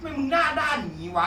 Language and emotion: Thai, angry